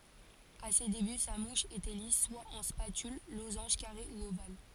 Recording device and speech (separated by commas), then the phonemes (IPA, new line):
forehead accelerometer, read sentence
a se deby sa muʃ etɛ lis swa ɑ̃ spatyl lozɑ̃ʒ kaʁe u oval